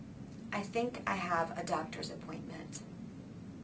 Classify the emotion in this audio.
neutral